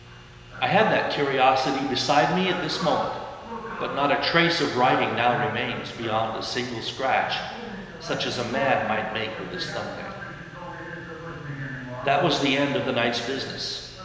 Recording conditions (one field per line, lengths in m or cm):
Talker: one person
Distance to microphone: 1.7 m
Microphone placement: close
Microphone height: 1.0 m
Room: very reverberant, large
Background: television